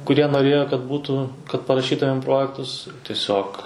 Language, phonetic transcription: Lithuanian, kuˈrie noˈrėjo kad ˈbūtų kad paraˈšytumėm ˈprojektus tieˈsiog

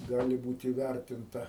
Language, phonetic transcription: Lithuanian, ˈgali ˈbūt įˈværtinta

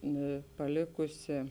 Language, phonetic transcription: Lithuanian, ˈnu paˈlėkusi

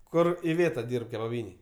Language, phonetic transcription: Lithuanian, ˈkur iˈvėta ˈdyrb kebaˈbynėj

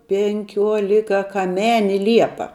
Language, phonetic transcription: Lithuanian, penˈkiuolikakaˈmeni ˈliepa

